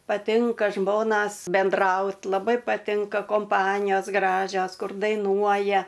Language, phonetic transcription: Lithuanian, paˈtinka ˈžmonas benˈdraut laˈbai paˈtinka komˈpanijos ˈgražios ˈkur daiˈnuoja

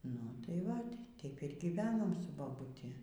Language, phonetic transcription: Lithuanian, ˈnu ˈtai ˈvat' ˈteip ir gyˈvenom su babuˈti

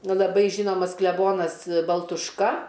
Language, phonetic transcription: Lithuanian, ˈnu laˈbai ˈžynomas kleˈbonas baltušˈka

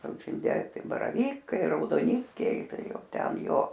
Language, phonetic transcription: Lithuanian, pagrinˈde ˈtai baraˈvykai raudoˈnikiai ˈtai ˈjau ˈten ˈjo

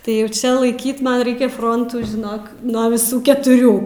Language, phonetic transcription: Lithuanian, tai ˈjau ˈčia laiˈkyt ˈman ˈraikia ˈfrontų žiˈnok nuo viˈsų ketuˈrių

